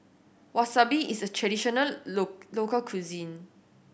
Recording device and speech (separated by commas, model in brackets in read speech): boundary microphone (BM630), read sentence